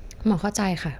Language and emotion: Thai, neutral